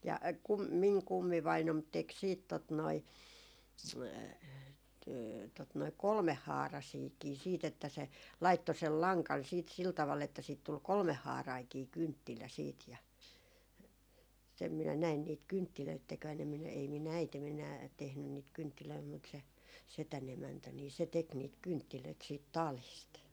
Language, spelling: Finnish, ja kun minun kummivainaani teki sitten tuota noin tuota noin kolmehaaraisiakin sitten että se laittoi sen langan sitten sillä tavalla että siitä tuli kolmehaarainenkin kynttilä sitten ja sen minä näin niitä kynttilöitä tekevän en minä ei minun äitini enää tehnyt niitä kynttilöitä mutta se sedän emäntä niin se teki niitä kynttilöitä siitä talista
- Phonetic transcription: ja , kum miŋ 'kummivainom 'tek siit tot noi , tot noi "kolmeh'haarasiikii siit ‿että se , 'laitto sel "laŋkan siit sil taval että siit 'tul "kolmehhaaraiŋkii 'kynttilä siit ja , 'sem minä 'näin niit "kynttilöit tekvän ‿em minä , ei mi"n ‿äitem ‿enää 'tehnyn niit 'kynttilöi mut se , 'setän 'emäntä nii se 'tek niit "kynttilöit siit "talìst .

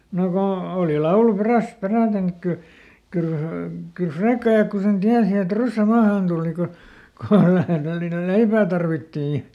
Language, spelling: Finnish, no kun oli laulu perässä peräten että kyllä kyllä kyllä Frekkajakku sen tiesi että ryssä maahan tuli kun kun vähän tällinen leipää tarvittiin
- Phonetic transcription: no ˈko , òli ˈlaulu ˈperäsᵗ ˈperä̀ten ‿ek » ˈkyl , ˈkyyl , kyl "Frekkajakku sen ˈtiäsi et "ryssä ˈmaahàn tuuli » ko , ko ˈvähän (tällinel) "leipää tarvittii .

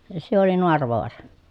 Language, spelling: Finnish, se oli Naaravaara
- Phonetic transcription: se oli Noarvoara .

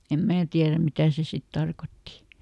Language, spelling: Finnish, en minä tiedä mitä se sitten tarkoitti
- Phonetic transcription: em ˈmää tiäräm "mitä̀ se sit ˈtarkotti .

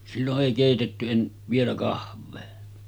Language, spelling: Finnish, silloin ei keitetty - vielä kahvia
- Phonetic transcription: sillo’ ’èi kèitetty en- , 'vielä 'kahávee .

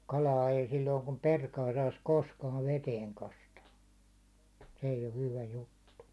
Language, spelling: Finnish, kalaa ei silloin kun perkaa saisi koskaan veteen kastaa se ei ole hyvä juttu
- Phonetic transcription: 'kalaa ei silloiŋ kum "perkaa sais "koskaav "veteeŋ 'kastaa , se eij ‿o 'hyvä juttu .

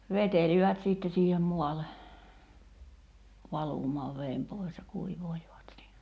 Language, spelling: Finnish, vetelivät sitten siihen maalle valumaan veden pois ja kuivailivat siinä
- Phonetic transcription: "vetelivät 'sìtte siihem 'muale , 'valùm̀aav 'veem pòi̬s ja 'kuivoilivat (siinä) .

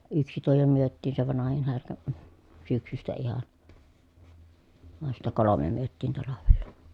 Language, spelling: Finnish, yksi tuo jo myytiin se vanhin härkä - syksystä ihan vaan sitten kolme myytiin talvella
- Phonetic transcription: yksi tuo jo myöttiin se vanahin härkä , m̥ , syksystä ihan , van sittä kolome myöttiin talavella .

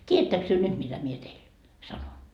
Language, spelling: Finnish, tiedättekös te nyt mitä minä teille sanon
- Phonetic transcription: "t́iä₍ättäks työ "nyt mitä mie teil , 'sanon ?

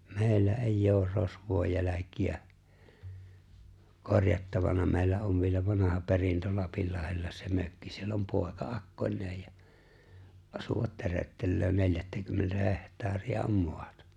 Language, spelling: Finnish, meillä ei ole rosvojen jälkiä korjattavana meillä on vielä vanha perintö Lapinlahdella se mökki siellä on poika akkoineen ja asua töröttelee neljättäkymmentä hehtaaria on maata
- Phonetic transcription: 'mè̬i̬llä "’èijj ‿oor 'rosvòᵉj 'jäläki₍ä , 'korjattavana 'mèi̬llä ov vielä 'vanaha 'perintö 'Lapillahella se 'mökki 'siell ‿om 'pooᵉka "’akkońneej ja , 'asuvat 'töröttellöö 'neljättäkymmentä 'heht̀aari₍a om "moatᴀ .

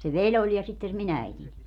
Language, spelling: Finnish, se veli oli ja sitten se minun äitini
- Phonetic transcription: se "veĺ ‿oĺ ja sitten se mi'n ‿äitiń .

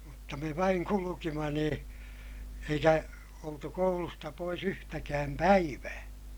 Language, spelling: Finnish, mutta me vain kuljimme niin eikä oltu koulusta pois yhtäkään päivää
- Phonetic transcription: mutta me vaiŋ kulukima niḭ , eikä , oltu koulusta pois ‿yhtäkääm päivää .

